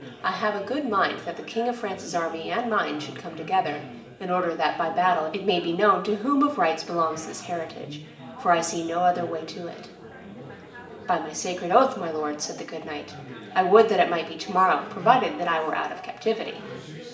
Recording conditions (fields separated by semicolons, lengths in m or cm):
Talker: one person; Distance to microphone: 1.8 m; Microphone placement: close; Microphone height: 1.0 m; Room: large; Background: babble